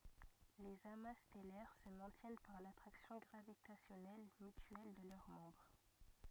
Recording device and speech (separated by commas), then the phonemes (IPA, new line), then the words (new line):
rigid in-ear microphone, read sentence
lez ama stɛlɛʁ sə mɛ̃tjɛn paʁ latʁaksjɔ̃ ɡʁavitasjɔnɛl mytyɛl də lœʁ mɑ̃bʁ
Les amas stellaires se maintiennent par l'attraction gravitationnelle mutuelle de leurs membres.